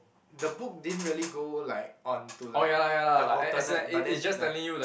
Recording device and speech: boundary microphone, conversation in the same room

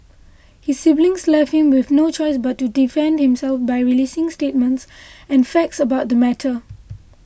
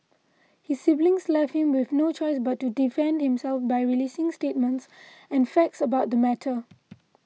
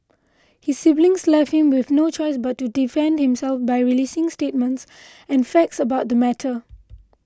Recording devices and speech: boundary microphone (BM630), mobile phone (iPhone 6), close-talking microphone (WH20), read sentence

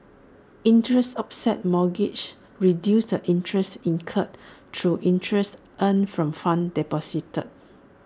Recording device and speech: standing microphone (AKG C214), read sentence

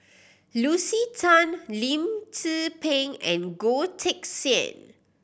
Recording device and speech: boundary microphone (BM630), read sentence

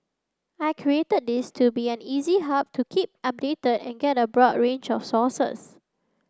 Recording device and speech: standing microphone (AKG C214), read sentence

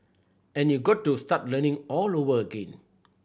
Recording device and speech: boundary microphone (BM630), read sentence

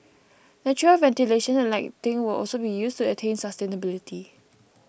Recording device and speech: boundary microphone (BM630), read sentence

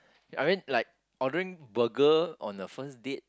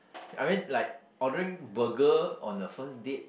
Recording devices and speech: close-talking microphone, boundary microphone, conversation in the same room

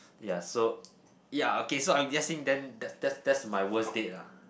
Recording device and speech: boundary microphone, conversation in the same room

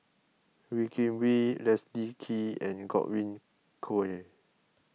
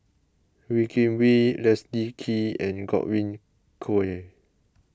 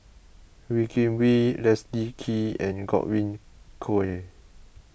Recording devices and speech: mobile phone (iPhone 6), close-talking microphone (WH20), boundary microphone (BM630), read sentence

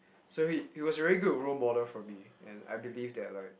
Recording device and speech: boundary microphone, conversation in the same room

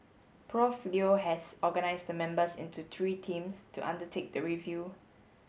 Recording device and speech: mobile phone (Samsung S8), read sentence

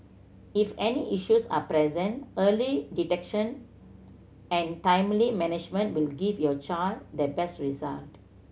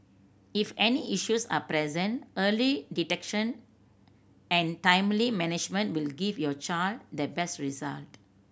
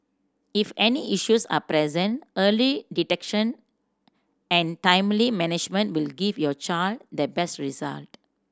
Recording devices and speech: mobile phone (Samsung C7100), boundary microphone (BM630), standing microphone (AKG C214), read sentence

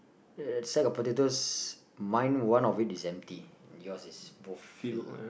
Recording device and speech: boundary microphone, conversation in the same room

